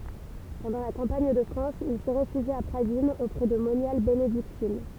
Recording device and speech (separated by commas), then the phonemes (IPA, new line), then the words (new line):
temple vibration pickup, read sentence
pɑ̃dɑ̃ la kɑ̃paɲ də fʁɑ̃s il sə ʁefyʒi a pʁadinz opʁɛ də monjal benediktin
Pendant la campagne de France, il se réfugie à Pradines auprès de moniales bénédictines.